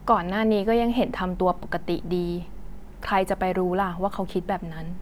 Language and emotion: Thai, neutral